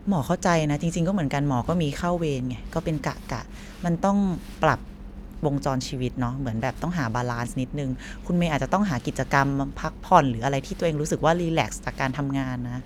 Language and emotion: Thai, neutral